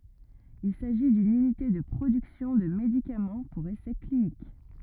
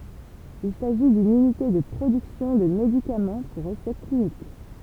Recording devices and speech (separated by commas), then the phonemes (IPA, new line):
rigid in-ear microphone, temple vibration pickup, read sentence
il saʒi dyn ynite də pʁodyksjɔ̃ də medikamɑ̃ puʁ esɛ klinik